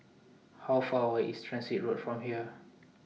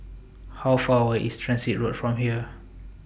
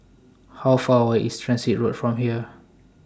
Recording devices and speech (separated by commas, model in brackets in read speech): mobile phone (iPhone 6), boundary microphone (BM630), standing microphone (AKG C214), read sentence